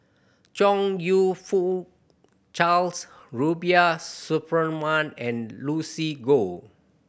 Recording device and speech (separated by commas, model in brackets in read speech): boundary microphone (BM630), read sentence